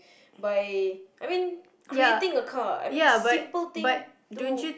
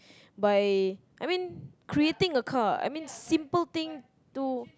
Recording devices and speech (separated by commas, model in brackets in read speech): boundary microphone, close-talking microphone, conversation in the same room